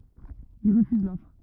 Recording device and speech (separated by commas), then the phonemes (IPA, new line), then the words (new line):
rigid in-ear microphone, read sentence
il ʁəfyz lɔfʁ
Il refuse l'offre.